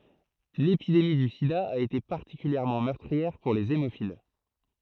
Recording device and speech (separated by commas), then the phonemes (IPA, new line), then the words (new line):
throat microphone, read sentence
lepidemi dy sida a ete paʁtikyljɛʁmɑ̃ mœʁtʁiɛʁ puʁ lez emofil
L'épidémie du sida a été particulièrement meurtrière pour les hémophiles.